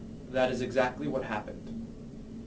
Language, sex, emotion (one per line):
English
male
neutral